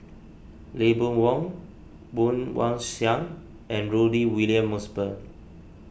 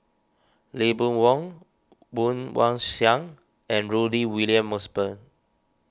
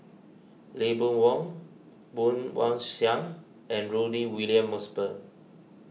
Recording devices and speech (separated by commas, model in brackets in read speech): boundary microphone (BM630), standing microphone (AKG C214), mobile phone (iPhone 6), read sentence